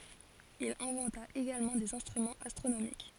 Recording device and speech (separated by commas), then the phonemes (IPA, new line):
forehead accelerometer, read sentence
il ɛ̃vɑ̃ta eɡalmɑ̃ dez ɛ̃stʁymɑ̃z astʁonomik